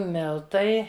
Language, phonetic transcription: Lithuanian, ˈmiltai

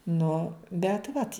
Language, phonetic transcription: Lithuanian, nu bet ˈvat

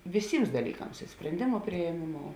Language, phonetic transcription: Lithuanian, viˈsyms daˈlyˌkams i sprenˈdėmu priėˈmėˌmou

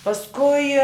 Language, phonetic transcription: Lithuanian, pasˈkui

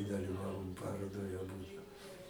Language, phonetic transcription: Lithuanian, daliˈvavom ˈparodoj aˈbudu

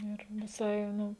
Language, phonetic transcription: Lithuanian, ir viˈsai ˈnu

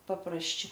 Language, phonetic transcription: Lithuanian, paprasˈčia

